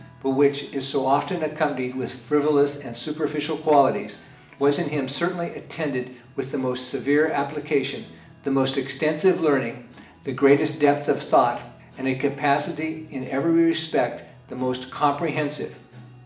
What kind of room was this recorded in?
A big room.